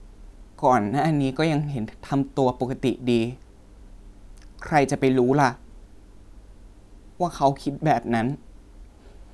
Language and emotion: Thai, sad